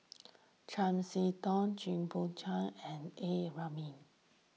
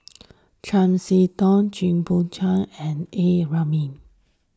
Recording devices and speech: mobile phone (iPhone 6), standing microphone (AKG C214), read sentence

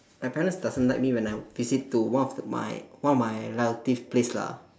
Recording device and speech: standing microphone, conversation in separate rooms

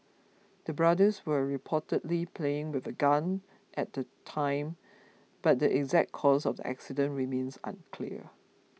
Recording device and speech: mobile phone (iPhone 6), read sentence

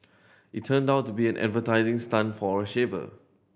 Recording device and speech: boundary microphone (BM630), read sentence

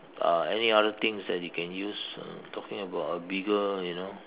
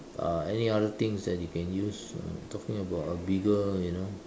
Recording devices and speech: telephone, standing microphone, conversation in separate rooms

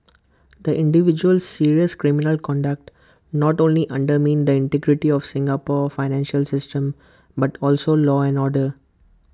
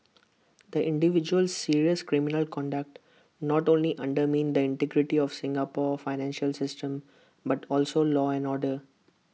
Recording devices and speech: close-talking microphone (WH20), mobile phone (iPhone 6), read sentence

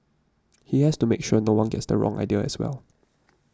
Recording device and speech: standing microphone (AKG C214), read sentence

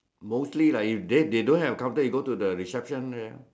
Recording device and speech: standing microphone, conversation in separate rooms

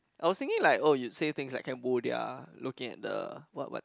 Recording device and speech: close-talking microphone, conversation in the same room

